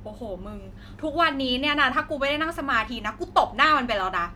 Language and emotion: Thai, angry